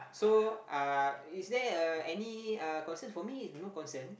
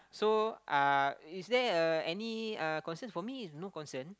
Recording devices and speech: boundary microphone, close-talking microphone, conversation in the same room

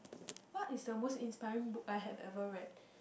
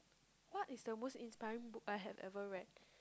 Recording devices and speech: boundary microphone, close-talking microphone, conversation in the same room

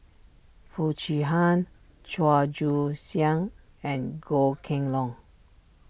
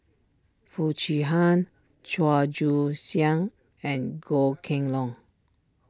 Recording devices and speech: boundary microphone (BM630), standing microphone (AKG C214), read sentence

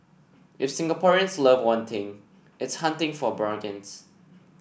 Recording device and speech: boundary microphone (BM630), read sentence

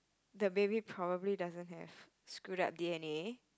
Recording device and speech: close-talking microphone, conversation in the same room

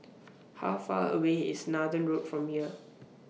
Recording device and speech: mobile phone (iPhone 6), read sentence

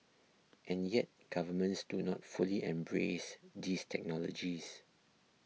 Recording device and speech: mobile phone (iPhone 6), read sentence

